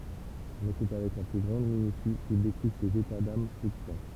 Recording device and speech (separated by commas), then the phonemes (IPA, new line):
temple vibration pickup, read sentence
mɛ sɛ avɛk la ply ɡʁɑ̃d minysi kil dekʁi sez eta dam flyktyɑ̃